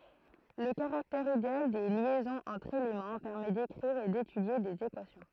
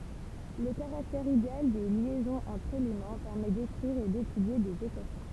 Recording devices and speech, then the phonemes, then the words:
throat microphone, temple vibration pickup, read sentence
lə kaʁaktɛʁ ideal de ljɛzɔ̃z ɑ̃tʁ elemɑ̃ pɛʁmɛ dekʁiʁ e detydje dez ekwasjɔ̃
Le caractère idéal des liaisons entre éléments permet d'écrire et d'étudier des équations.

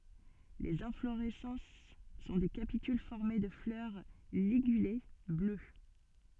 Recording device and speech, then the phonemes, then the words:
soft in-ear microphone, read sentence
lez ɛ̃floʁɛsɑ̃s sɔ̃ de kapityl fɔʁme də flœʁ liɡyle blø
Les inflorescences sont des capitules formées de fleurs ligulées, bleues.

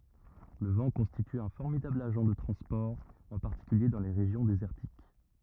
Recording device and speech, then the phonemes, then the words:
rigid in-ear microphone, read sentence
lə vɑ̃ kɔ̃stity œ̃ fɔʁmidabl aʒɑ̃ də tʁɑ̃spɔʁ ɑ̃ paʁtikylje dɑ̃ le ʁeʒjɔ̃ dezɛʁtik
Le vent constitue un formidable agent de transport, en particulier dans les régions désertiques.

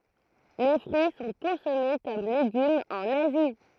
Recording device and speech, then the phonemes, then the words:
throat microphone, read sentence
le fʁyi sɔ̃ kɔ̃sɔme kɔm leɡymz ɑ̃n azi
Les fruits sont consommés comme légumes en Asie.

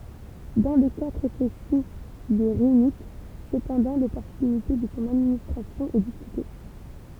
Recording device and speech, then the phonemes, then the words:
temple vibration pickup, read sentence
dɑ̃ lə ka tʁɛ pʁesi de ʁinit səpɑ̃dɑ̃ lɔpɔʁtynite də sɔ̃ administʁasjɔ̃ ɛ diskyte
Dans le cas très précis des rhinites cependant, l'opportunité de son administration est discutée.

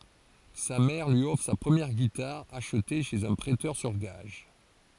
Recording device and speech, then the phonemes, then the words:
forehead accelerometer, read sentence
sa mɛʁ lyi ɔfʁ sa pʁəmjɛʁ ɡitaʁ aʃte ʃez œ̃ pʁɛtœʁ syʁ ɡaʒ
Sa mère lui offre sa première guitare, achetée chez un prêteur sur gages.

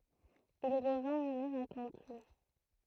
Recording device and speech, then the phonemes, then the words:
throat microphone, read sentence
il ʁəvɛ̃ muʁiʁ a kɑ̃tlup
Il revint mourir à Canteloup.

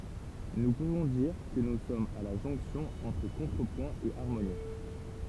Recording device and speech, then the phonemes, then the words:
temple vibration pickup, read sentence
nu puvɔ̃ diʁ kə nu sɔmz a la ʒɔ̃ksjɔ̃ ɑ̃tʁ kɔ̃tʁəpwɛ̃ e aʁmoni
Nous pouvons dire que nous sommes à la jonction entre contrepoint et harmonie.

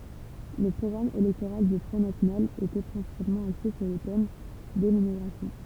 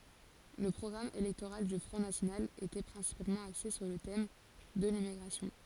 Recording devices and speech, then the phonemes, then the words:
temple vibration pickup, forehead accelerometer, read sentence
lə pʁɔɡʁam elɛktoʁal dy fʁɔ̃ nasjonal etɛ pʁɛ̃sipalmɑ̃ akse syʁ lə tɛm də limmiɡʁasjɔ̃
Le programme électoral du Front national était principalement axé sur le thème de l'immigration.

